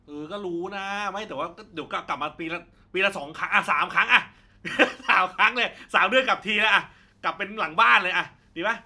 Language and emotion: Thai, happy